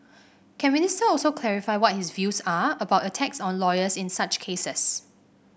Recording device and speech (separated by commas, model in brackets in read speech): boundary microphone (BM630), read sentence